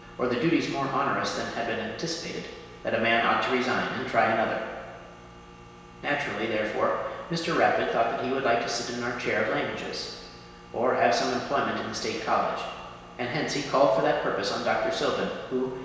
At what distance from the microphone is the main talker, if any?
1.7 m.